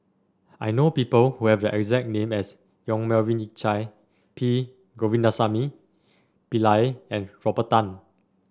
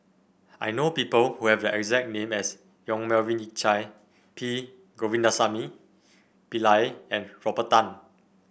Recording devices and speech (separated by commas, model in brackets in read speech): standing microphone (AKG C214), boundary microphone (BM630), read sentence